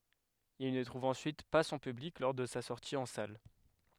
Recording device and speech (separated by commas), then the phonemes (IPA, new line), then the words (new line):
headset microphone, read sentence
il nə tʁuv ɑ̃syit pa sɔ̃ pyblik lɔʁ də sa sɔʁti ɑ̃ sal
Il ne trouve ensuite pas son public lors de sa sortie en salle.